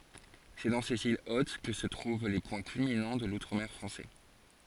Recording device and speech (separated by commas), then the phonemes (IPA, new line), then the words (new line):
forehead accelerometer, read sentence
sɛ dɑ̃ sez il ot kə sə tʁuv le pwɛ̃ kylminɑ̃ də lutʁ mɛʁ fʁɑ̃sɛ
C'est dans ces îles hautes que se trouvent les points culminants de l'Outre-mer français.